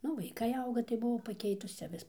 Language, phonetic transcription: Lithuanian, ˈnu vaiˈkai ˈauga tai buˈvau paˈkeitus ˈcia ˈvis

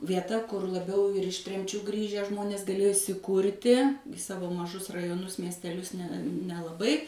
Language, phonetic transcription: Lithuanian, vieˈta ˈkur laˈbiau ir iš ˈtremčių ˈgrįžę ˈžmonės gaˈlėjo įsiˈkūrti i ˈsavo maˈžus rajoˈnus miesteˈlius ne nelaˈbai

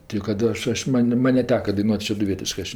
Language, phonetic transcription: Lithuanian, tei kad ˈaš ˈaš ˈman' ˈman' neˈteka daiˈnuot' šeduˈvietiškɜ ˈaš

